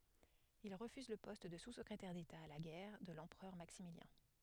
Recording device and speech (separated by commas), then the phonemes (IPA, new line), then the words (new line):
headset microphone, read sentence
il ʁəfyz lə pɔst də suskʁetɛʁ deta a la ɡɛʁ də lɑ̃pʁœʁ maksimiljɛ̃
Il refuse le poste de sous-secrétaire d'État à la guerre de l'empereur Maximilien.